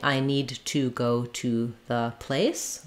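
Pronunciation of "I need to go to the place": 'I need to go to the place' is said here without schwas: 'to' keeps its full oo sound instead of being reduced.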